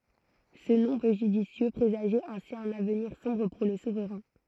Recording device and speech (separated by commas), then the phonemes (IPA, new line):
throat microphone, read sentence
sə nɔ̃ pø ʒydisjø pʁezaʒɛt ɛ̃si œ̃n avniʁ sɔ̃bʁ puʁ lə suvʁɛ̃